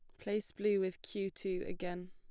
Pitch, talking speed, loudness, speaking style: 195 Hz, 190 wpm, -38 LUFS, plain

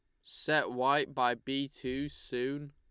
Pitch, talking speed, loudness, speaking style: 135 Hz, 145 wpm, -33 LUFS, Lombard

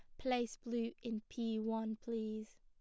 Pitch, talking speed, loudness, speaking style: 230 Hz, 150 wpm, -41 LUFS, plain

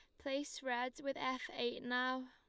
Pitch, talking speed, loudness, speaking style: 255 Hz, 175 wpm, -40 LUFS, Lombard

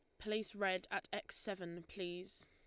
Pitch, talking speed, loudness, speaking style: 195 Hz, 160 wpm, -43 LUFS, Lombard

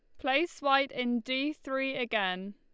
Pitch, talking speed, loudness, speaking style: 265 Hz, 155 wpm, -30 LUFS, Lombard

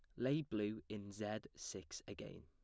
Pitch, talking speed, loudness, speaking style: 105 Hz, 160 wpm, -45 LUFS, plain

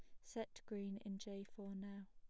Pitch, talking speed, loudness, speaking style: 200 Hz, 195 wpm, -51 LUFS, plain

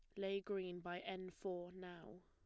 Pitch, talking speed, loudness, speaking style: 185 Hz, 175 wpm, -48 LUFS, plain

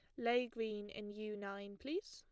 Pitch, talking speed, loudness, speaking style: 210 Hz, 190 wpm, -43 LUFS, plain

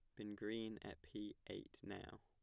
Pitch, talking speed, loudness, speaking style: 105 Hz, 175 wpm, -51 LUFS, plain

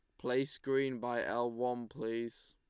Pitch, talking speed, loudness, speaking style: 120 Hz, 155 wpm, -37 LUFS, Lombard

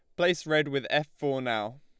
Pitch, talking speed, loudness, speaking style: 145 Hz, 225 wpm, -28 LUFS, Lombard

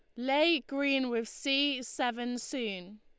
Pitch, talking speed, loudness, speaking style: 255 Hz, 130 wpm, -31 LUFS, Lombard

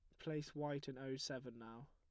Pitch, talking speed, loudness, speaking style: 135 Hz, 210 wpm, -47 LUFS, plain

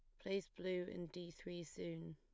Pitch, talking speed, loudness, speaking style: 175 Hz, 185 wpm, -47 LUFS, plain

